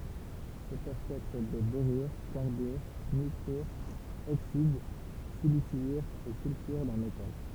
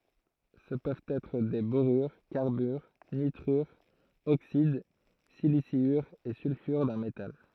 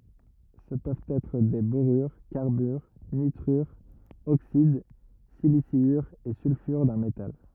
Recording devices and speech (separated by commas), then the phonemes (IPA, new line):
temple vibration pickup, throat microphone, rigid in-ear microphone, read sentence
sə pøvt ɛtʁ de boʁyʁ kaʁbyʁ nitʁyʁz oksid silisjyʁz e sylfyʁ dœ̃ metal